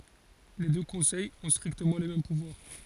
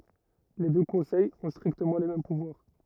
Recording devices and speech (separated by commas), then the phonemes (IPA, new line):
forehead accelerometer, rigid in-ear microphone, read sentence
le dø kɔ̃sɛjz ɔ̃ stʁiktəmɑ̃ le mɛm puvwaʁ